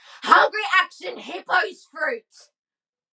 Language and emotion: English, angry